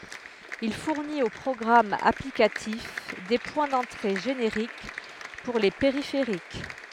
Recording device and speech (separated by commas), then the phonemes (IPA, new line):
headset microphone, read sentence
il fuʁnit o pʁɔɡʁamz aplikatif de pwɛ̃ dɑ̃tʁe ʒeneʁik puʁ le peʁifeʁik